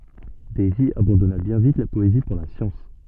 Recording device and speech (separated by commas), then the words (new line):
soft in-ear microphone, read sentence
Davy abandonna bien vite la poésie pour la science.